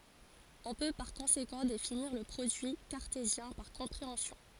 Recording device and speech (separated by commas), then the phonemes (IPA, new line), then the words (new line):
forehead accelerometer, read sentence
ɔ̃ pø paʁ kɔ̃sekɑ̃ definiʁ lə pʁodyi kaʁtezjɛ̃ paʁ kɔ̃pʁeɑ̃sjɔ̃
On peut par conséquent définir le produit cartésien par compréhension.